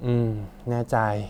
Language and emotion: Thai, frustrated